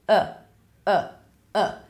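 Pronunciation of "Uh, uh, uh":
Each 'uh' is the schwa sound, and it is a really short sound.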